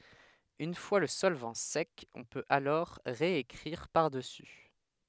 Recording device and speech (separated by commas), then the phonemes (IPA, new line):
headset microphone, read sentence
yn fwa lə sɔlvɑ̃ sɛk ɔ̃ pøt alɔʁ ʁeekʁiʁ paʁdəsy